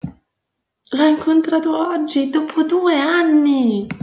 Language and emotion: Italian, surprised